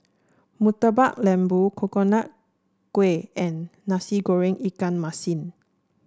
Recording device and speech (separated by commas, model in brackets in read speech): standing microphone (AKG C214), read sentence